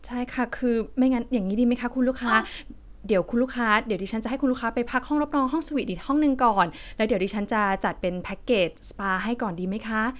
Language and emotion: Thai, neutral